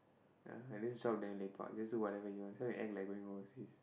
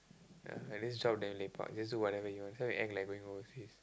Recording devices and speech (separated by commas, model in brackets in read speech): boundary microphone, close-talking microphone, conversation in the same room